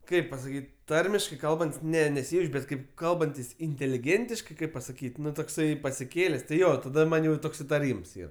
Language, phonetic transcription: Lithuanian, ˈkaip pasaˈkyt' ˈtarmiškai ˈkalbant's' ˈne neˈsijauč' ˈbet kaip ˈkalbantis intėliˈgėntiškai ˈkaip pasaˈkyt' ˈnu tokˈsai pasiˈkėlės' ti ˈjo taˈda ˈman' jau ˈtoks itaˈryms ˈyr

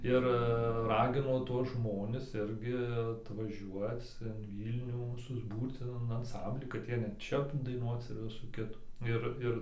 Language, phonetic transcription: Lithuanian, ˈir ˈragino ˈtuos ˈžmonis ˈirgi atvaˈžiuoc in ˈvylnių susˈbūrc in in anˈsamblį kad ˈjie net ˈčia daiˈnuoc ir ˈvisų ˈkitų ˈir ˈir

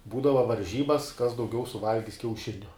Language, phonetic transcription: Lithuanian, ˈbūdava varˈžybas kas dauˈgiau suˈvalgis kiauˈšiniu

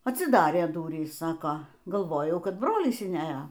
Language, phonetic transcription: Lithuanian, atsiˈdarė ˈdurys ˈsako galˈvojau ˈkad ˈbrolis inˈeja

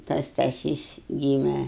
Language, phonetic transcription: Lithuanian, tas staˈsys ˈgyme

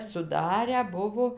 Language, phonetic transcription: Lithuanian, suˈdarę ˈbuvo

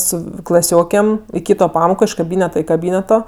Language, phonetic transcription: Lithuanian, ˈsu klaˈsiokėm i ˈkyto ˈpamoko iš kaˈbyneta i kaˈbyneto

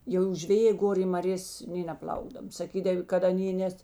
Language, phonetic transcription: Lithuanian, jau žveˈjė ˈgor i maˈrės nė neˈplaukdav saˈkydav kad aˈnė ˈnes

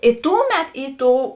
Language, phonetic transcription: Lithuanian, i ˈtuˌmet ˈį ˈtou

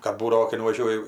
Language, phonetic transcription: Lithuanian, kad ˈbūdavo kai nuvaˈžiuoji

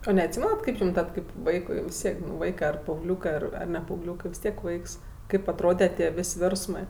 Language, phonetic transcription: Lithuanian, o neatˈsymenat ˈkaip jum ˈtad kaip ˈvaikui vis ˈtiek nu ˈvaikɜ ar paaugˈliūkɜ ar ar ne paaugˈliūkɜ vis ˈtiek ˈvaiks ˈkaip atˈrode tie ˈvės' ˈvėrsmɜ

